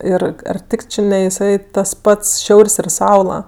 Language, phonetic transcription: Lithuanian, ˈir ar ˈtik ˈči ne iˈsai tas ˈpats ˈšiaur's' ir ˈsaula

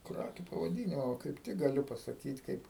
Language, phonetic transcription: Lithuanian, ˈkrakiu pavaˈdinimo kaip ˈtik gaˈliu pasaˈkyt ˈkaip

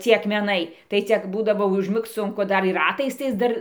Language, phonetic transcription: Lithuanian, ˈcie akmeˈnai tai ˈcia ˈbūdavo užˈmigc ˈsunku ˈdar ir ˈratais ˈdar

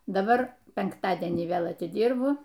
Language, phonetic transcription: Lithuanian, daˈbar penkˈtadienį ˈvėl atiˈdyrbu

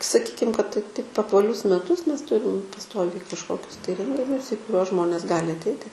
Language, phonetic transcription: Lithuanian, saˈkykim kad ti taip apvaˈlius meˈtus ˈmes ˈturim paˈstoviai kažˈkokius tai ˈrenginius į kuˈriuos ˈžmonės ˈgali atˈeiti

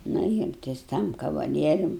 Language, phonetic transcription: Lithuanian, ˈnu ir tas ˈtam kavaˈlierium

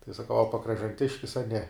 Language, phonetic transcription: Lithuanian, tai saˈkau a pakražanˈtiškis a ne

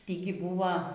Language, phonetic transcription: Lithuanian, ˈtįgi ˈbūva

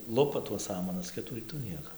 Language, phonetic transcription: Lithuanian, ˈlupa tuos ˈsamanas ˈkitų ˈrytų ˈnieko

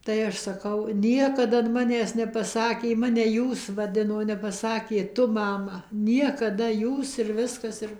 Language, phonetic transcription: Lithuanian, tai ˈaš ˈsakau ˈniekad an ˈmanęs nepaˈsakė ˈmane ˈjūs vaˈdino nepaˈsakė ˈtu ˈmama ˌniekaˈda ˈjūs ir ˈviskas ˈir

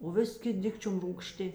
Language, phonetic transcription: Lithuanian, o ˈvis' ˈkit' ˈdikčium rūgˈšti

